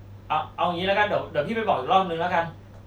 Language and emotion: Thai, frustrated